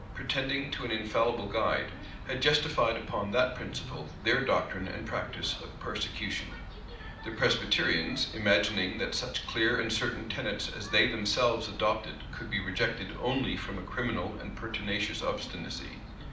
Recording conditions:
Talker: one person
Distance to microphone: 2.0 m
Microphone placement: close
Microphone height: 99 cm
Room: medium-sized (5.7 m by 4.0 m)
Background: television

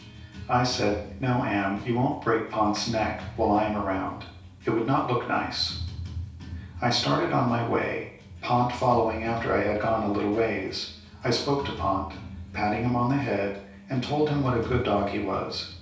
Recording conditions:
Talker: one person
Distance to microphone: 3.0 m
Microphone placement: far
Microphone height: 1.8 m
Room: small (3.7 m by 2.7 m)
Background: music

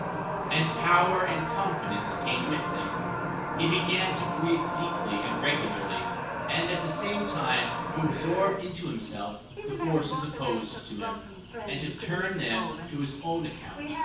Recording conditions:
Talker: one person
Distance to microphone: 9.8 m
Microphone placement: far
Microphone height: 1.8 m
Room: large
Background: television

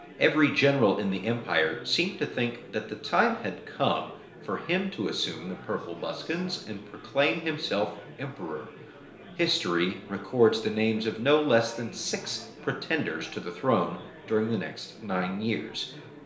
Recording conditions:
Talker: one person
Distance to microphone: 1.0 m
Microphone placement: close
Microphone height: 1.1 m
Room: small (3.7 m by 2.7 m)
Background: babble

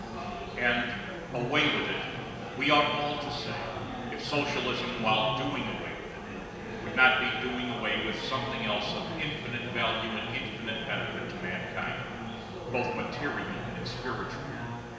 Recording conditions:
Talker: one person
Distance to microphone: 1.7 m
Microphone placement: close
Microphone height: 1.0 m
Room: very reverberant, large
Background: babble

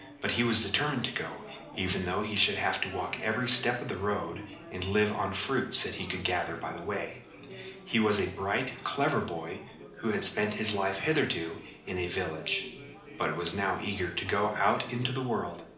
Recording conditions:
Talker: one person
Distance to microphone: 2.0 m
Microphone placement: close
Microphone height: 99 cm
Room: medium-sized (5.7 m by 4.0 m)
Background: babble

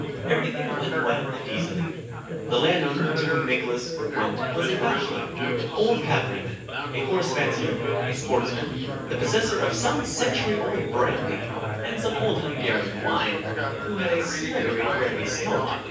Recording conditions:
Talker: one person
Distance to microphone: 9.8 m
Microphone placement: far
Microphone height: 1.8 m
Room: large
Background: babble

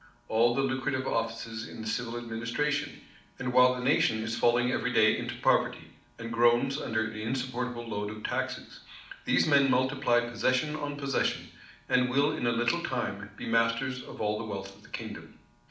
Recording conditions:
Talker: one person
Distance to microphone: 2.0 m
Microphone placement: close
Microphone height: 99 cm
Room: medium-sized (5.7 m by 4.0 m)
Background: none

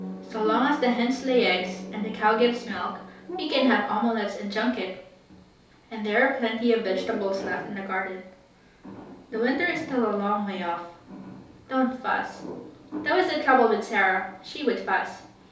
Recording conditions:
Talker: one person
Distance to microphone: 3.0 m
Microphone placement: far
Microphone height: 1.8 m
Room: small (3.7 m by 2.7 m)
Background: television

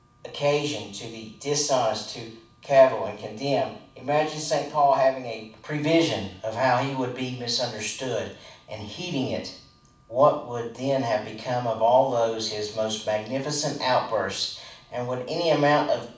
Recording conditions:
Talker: one person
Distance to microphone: 5.8 m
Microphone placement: far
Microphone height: 1.8 m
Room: medium-sized (5.7 m by 4.0 m)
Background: none

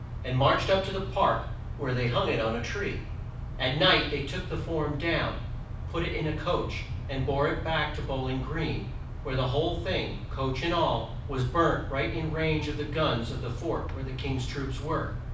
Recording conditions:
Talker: one person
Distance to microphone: 5.8 m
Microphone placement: far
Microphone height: 1.8 m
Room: medium-sized (5.7 m by 4.0 m)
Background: none

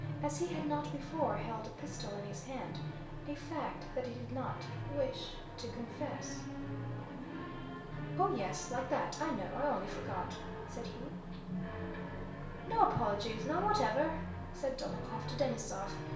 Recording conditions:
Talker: one person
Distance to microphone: 1.0 m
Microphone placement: close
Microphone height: 1.1 m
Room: small (3.7 m by 2.7 m)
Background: television

